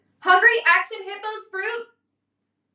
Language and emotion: English, neutral